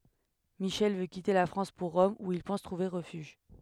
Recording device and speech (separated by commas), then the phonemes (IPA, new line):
headset microphone, read sentence
miʃɛl vø kite la fʁɑ̃s puʁ ʁɔm u il pɑ̃s tʁuve ʁəfyʒ